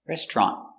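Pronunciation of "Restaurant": The t at the end of 'restaurant' is a stop T: the air is stopped rather than the t being fully said.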